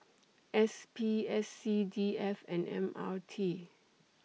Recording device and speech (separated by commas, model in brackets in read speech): mobile phone (iPhone 6), read sentence